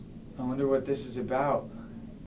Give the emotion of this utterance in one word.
fearful